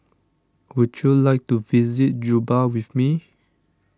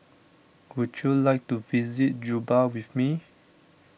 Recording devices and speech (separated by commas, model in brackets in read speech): standing microphone (AKG C214), boundary microphone (BM630), read sentence